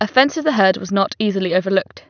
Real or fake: real